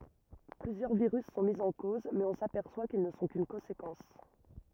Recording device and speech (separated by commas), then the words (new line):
rigid in-ear microphone, read sentence
Plusieurs virus sont mis en cause, mais on s'aperçoit qu'ils ne sont qu'une conséquence.